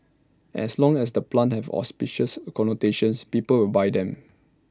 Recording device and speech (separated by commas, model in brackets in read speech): standing microphone (AKG C214), read sentence